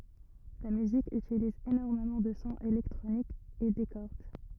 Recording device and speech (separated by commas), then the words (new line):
rigid in-ear microphone, read sentence
La musique utilise énormément de sons électroniques et des cordes.